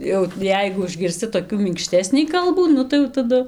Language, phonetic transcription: Lithuanian, jau ˈjeigu užgirsˈci toˈkių minkˈštesnį ˈkalbų ˈnu tai jau taˈdu

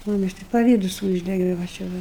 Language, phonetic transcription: Lithuanian, muˈmis tai paˈvydus ˈūždege va čia ˈva

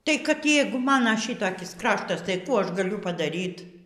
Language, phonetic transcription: Lithuanian, tai kad ˈjeigu ˈmana ˈšitakis ˈkraštas tai ˈkų ˈaš gaˈliu padaˈryt

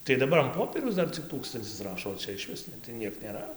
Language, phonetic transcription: Lithuanian, tai daˈbar an ˈpopieriaus ˈdar cik ˈtūkstancis ˈrašo o ˈčia išˈvis ne tai ˈniek nėˈra

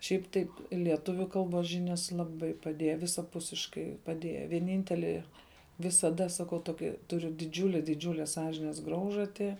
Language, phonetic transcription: Lithuanian, šiaip ˈtaip lieˈtuviu ˈkalbos ˈžinias laˈbai paˈdieja visaˈpusiškai paˈdieja vieˈnynteli visaˈda saˈkau ˈtoki tuˈriu diˈdžiule diˈdžiūle ˈsąžines ˈgraužati

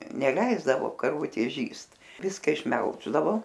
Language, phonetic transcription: Lithuanian, neˈleisdavo karˈvutės ˈžįst ˈviska išˈmelždavo

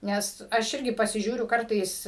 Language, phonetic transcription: Lithuanian, ˈnes aš ˈirgi pasiˈžiūriu ˈkartais

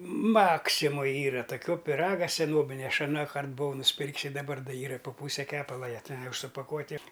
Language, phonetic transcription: Lithuanian, ˈmaksimoj ˈyra toˈkio piˈraga seˈnobinia ˈaš aˈnąkart buˈvau nusˈpirk's ir daˈbar ˈyra i po ˈpūse ˈkepala ˈją ˈten ˈjau už supaˈkuoti

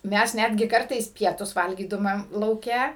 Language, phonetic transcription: Lithuanian, ˈmes ˈnætgi ˈkartais ˈpietus ˈvalgydumam lauˈke

